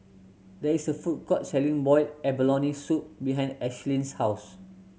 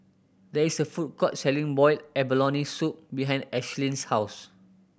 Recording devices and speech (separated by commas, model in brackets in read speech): mobile phone (Samsung C7100), boundary microphone (BM630), read sentence